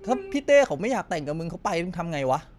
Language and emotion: Thai, frustrated